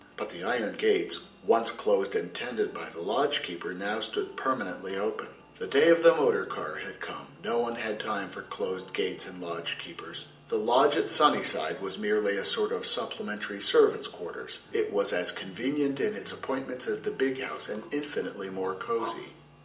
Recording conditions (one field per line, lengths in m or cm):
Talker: one person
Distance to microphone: 1.8 m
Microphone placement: close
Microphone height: 1.0 m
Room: large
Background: music